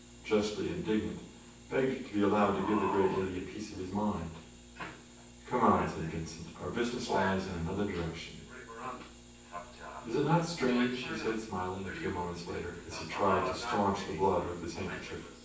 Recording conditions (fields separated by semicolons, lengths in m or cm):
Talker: one person; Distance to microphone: 9.8 m; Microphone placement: far; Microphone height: 1.8 m; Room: large; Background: television